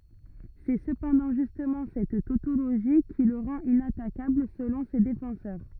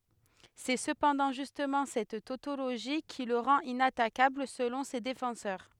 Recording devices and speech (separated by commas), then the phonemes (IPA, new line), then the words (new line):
rigid in-ear microphone, headset microphone, read sentence
sɛ səpɑ̃dɑ̃ ʒystmɑ̃ sɛt totoloʒi ki lə ʁɑ̃t inatakabl səlɔ̃ se defɑ̃sœʁ
C'est cependant justement cette tautologie qui le rend inattaquable selon ses défenseurs.